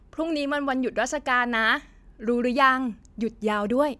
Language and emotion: Thai, happy